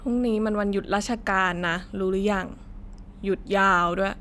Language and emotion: Thai, frustrated